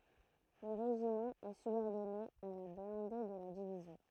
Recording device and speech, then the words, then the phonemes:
throat microphone, read sentence
Le régiment est subordonné à la blindée de la division.
lə ʁeʒimɑ̃ ɛ sybɔʁdɔne a la blɛ̃de də la divizjɔ̃

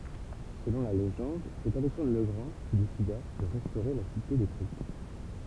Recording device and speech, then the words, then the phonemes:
temple vibration pickup, read sentence
Selon la légende, c’est Alexandre le Grand qui décida de restaurer la cité détruite.
səlɔ̃ la leʒɑ̃d sɛt alɛksɑ̃dʁ lə ɡʁɑ̃ ki desida də ʁɛstoʁe la site detʁyit

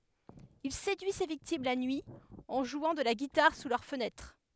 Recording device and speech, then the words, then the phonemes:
headset microphone, read sentence
Il séduit ses victimes la nuit, en jouant de la guitare sous leurs fenêtres.
il sedyi se viktim la nyi ɑ̃ ʒwɑ̃ də la ɡitaʁ su lœʁ fənɛtʁ

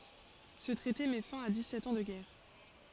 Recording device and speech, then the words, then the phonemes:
forehead accelerometer, read sentence
Ce traité met fin à dix-sept ans de guerre.
sə tʁɛte mɛ fɛ̃ a dikssɛt ɑ̃ də ɡɛʁ

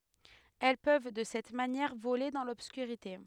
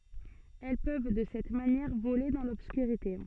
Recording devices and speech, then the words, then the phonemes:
headset microphone, soft in-ear microphone, read sentence
Elles peuvent, de cette manière, voler dans l'obscurité.
ɛl pøv də sɛt manjɛʁ vole dɑ̃ lɔbskyʁite

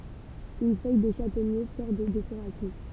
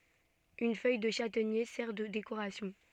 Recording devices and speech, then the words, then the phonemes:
temple vibration pickup, soft in-ear microphone, read sentence
Une feuille de châtaignier sert de décoration.
yn fœj də ʃatɛɲe sɛʁ də dekoʁasjɔ̃

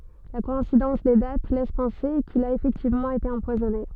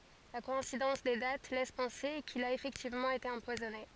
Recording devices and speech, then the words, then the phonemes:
soft in-ear microphone, forehead accelerometer, read sentence
La coïncidence des dates laisse penser qu'il a effectivement été empoisonné.
la kɔɛ̃sidɑ̃s de dat lɛs pɑ̃se kil a efɛktivmɑ̃ ete ɑ̃pwazɔne

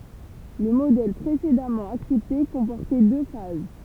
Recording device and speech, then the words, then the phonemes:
temple vibration pickup, read sentence
Le modèle précédemment accepté comportait deux phases.
lə modɛl pʁesedamɑ̃ aksɛpte kɔ̃pɔʁtɛ dø faz

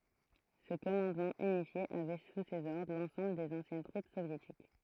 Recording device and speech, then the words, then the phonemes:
throat microphone, read sentence
Ce commandement unifié avait sous ses ordres l’ensemble des anciennes troupes soviétiques.
sə kɔmɑ̃dmɑ̃ ynifje avɛ su sez ɔʁdʁ lɑ̃sɑ̃bl dez ɑ̃sjɛn tʁup sovjetik

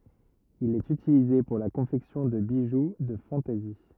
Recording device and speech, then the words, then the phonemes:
rigid in-ear microphone, read sentence
Il est utilisé pour la confection de bijoux de fantaisie.
il ɛt ytilize puʁ la kɔ̃fɛksjɔ̃ də biʒu də fɑ̃tɛzi

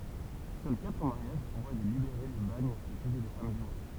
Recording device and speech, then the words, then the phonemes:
temple vibration pickup, read sentence
Seuls quatre mariages voient des libérés du bagne épouser des femmes libres.
sœl katʁ maʁjaʒ vwa de libeʁe dy baɲ epuze de fam libʁ

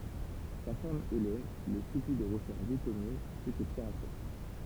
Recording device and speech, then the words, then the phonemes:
temple vibration pickup, read sentence
Sa femme Hélène le supplie de refaire vie commune, ce que Pierre accepte.
sa fam elɛn lə sypli də ʁəfɛʁ vi kɔmyn sə kə pjɛʁ aksɛpt

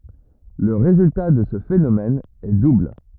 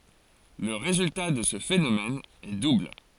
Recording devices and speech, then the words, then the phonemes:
rigid in-ear microphone, forehead accelerometer, read sentence
Le résultat de ce phénomène est double.
lə ʁezylta də sə fenomɛn ɛ dubl

